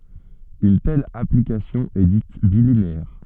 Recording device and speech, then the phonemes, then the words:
soft in-ear microphone, read sentence
yn tɛl aplikasjɔ̃ ɛ dit bilineɛʁ
Une telle application est dite bilinéaire.

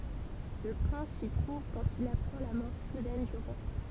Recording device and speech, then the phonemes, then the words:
temple vibration pickup, read sentence
lə pʁɛ̃s si tʁuv kɑ̃t il apʁɑ̃ la mɔʁ sudɛn dy ʁwa
Le prince s'y trouve quand il apprend la mort soudaine du roi.

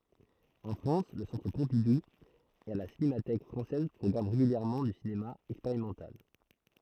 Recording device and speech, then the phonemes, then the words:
throat microphone, read sentence
ɑ̃ fʁɑ̃s lə sɑ̃tʁ pɔ̃pidu e la sinematɛk fʁɑ̃sɛz pʁɔɡʁamɑ̃ ʁeɡyljɛʁmɑ̃ dy sinema ɛkspeʁimɑ̃tal
En France le Centre Pompidou et la Cinémathèque française programment régulièrement du cinéma expérimental.

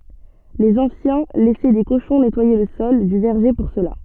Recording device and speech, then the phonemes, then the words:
soft in-ear microphone, read sentence
lez ɑ̃sjɛ̃ lɛsɛ de koʃɔ̃ nɛtwaje lə sɔl dy vɛʁʒe puʁ səla
Les anciens laissaient des cochons nettoyer le sol du verger pour cela.

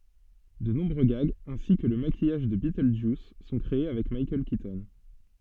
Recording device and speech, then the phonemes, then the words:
soft in-ear microphone, read sentence
də nɔ̃bʁø ɡaɡz ɛ̃si kə lə makijaʒ də bitøldʒjus sɔ̃ kʁee avɛk mikaɛl kitɔn
De nombreux gags, ainsi que le maquillage de Beetlejuice, sont créés avec Michael Keaton.

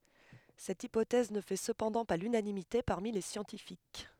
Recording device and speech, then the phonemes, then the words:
headset microphone, read sentence
sɛt ipotɛz nə fɛ səpɑ̃dɑ̃ pa lynanimite paʁmi le sjɑ̃tifik
Cette hypothèse ne fait cependant pas l'unanimité parmi les scientifiques.

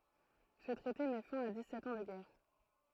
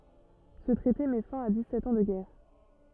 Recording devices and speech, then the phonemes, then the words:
throat microphone, rigid in-ear microphone, read sentence
sə tʁɛte mɛ fɛ̃ a dikssɛt ɑ̃ də ɡɛʁ
Ce traité met fin à dix-sept ans de guerre.

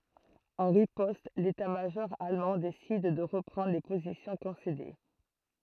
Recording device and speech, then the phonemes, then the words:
throat microphone, read sentence
ɑ̃ ʁipɔst letatmaʒɔʁ almɑ̃ desid də ʁəpʁɑ̃dʁ le pozisjɔ̃ kɔ̃sede
En riposte, l'état-major allemand décide de reprendre les positions concédées.

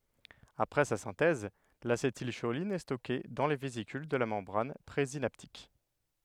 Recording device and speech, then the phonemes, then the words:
headset microphone, read sentence
apʁɛ sa sɛ̃tɛz lasetilʃolin ɛ stɔke dɑ̃ le vezikyl də la mɑ̃bʁan pʁezinaptik
Après sa synthèse, l'acétylcholine est stockée dans les vésicules de la membrane présynaptique.

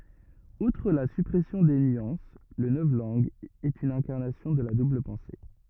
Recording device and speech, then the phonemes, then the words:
rigid in-ear microphone, read sentence
utʁ la sypʁɛsjɔ̃ de nyɑ̃s lə nɔvlɑ̃ɡ ɛt yn ɛ̃kaʁnasjɔ̃ də la dubl pɑ̃se
Outre la suppression des nuances, le novlangue est une incarnation de la double-pensée.

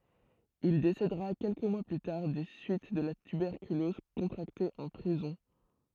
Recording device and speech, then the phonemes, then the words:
throat microphone, read sentence
il desedəʁa kɛlkə mwa ply taʁ de syit də la tybɛʁkylɔz kɔ̃tʁakte ɑ̃ pʁizɔ̃
Il décédera quelques mois plus tard des suites de la tuberculose contractée en prison.

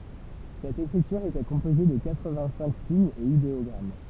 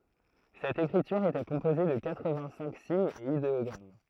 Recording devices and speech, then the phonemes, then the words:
temple vibration pickup, throat microphone, read sentence
sɛt ekʁityʁ etɛ kɔ̃poze də katʁəvɛ̃ɡtsɛ̃k siɲz e ideɔɡʁam
Cette écriture était composée de quatre-vingt-cinq signes et idéogrammes.

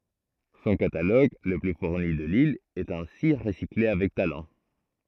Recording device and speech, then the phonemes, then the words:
throat microphone, read sentence
sɔ̃ kataloɡ lə ply fuʁni də lil ɛt ɛ̃si ʁəsikle avɛk talɑ̃
Son catalogue, le plus fourni de l’île, est ainsi recyclé avec talent.

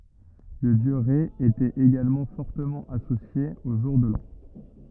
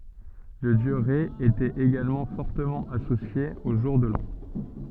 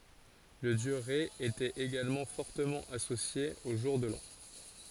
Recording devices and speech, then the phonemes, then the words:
rigid in-ear microphone, soft in-ear microphone, forehead accelerometer, read sentence
lə djø ʁɛ etɛt eɡalmɑ̃ fɔʁtəmɑ̃ asosje o ʒuʁ də lɑ̃
Le dieu Rê était également fortement associé au jour de l'an.

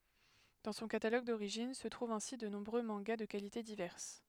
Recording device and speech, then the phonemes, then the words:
headset microphone, read sentence
dɑ̃ sɔ̃ kataloɡ doʁiʒin sə tʁuvt ɛ̃si də nɔ̃bʁø mɑ̃ɡa də kalite divɛʁs
Dans son catalogue d'origine se trouvent ainsi de nombreux mangas de qualités diverses.

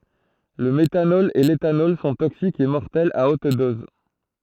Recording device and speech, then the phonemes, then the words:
throat microphone, read sentence
lə metanɔl e letanɔl sɔ̃ toksikz e mɔʁtɛlz a ot dɔz
Le méthanol et l'éthanol sont toxiques et mortels à haute dose.

